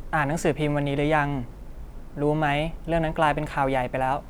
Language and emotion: Thai, neutral